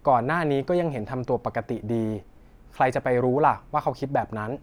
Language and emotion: Thai, neutral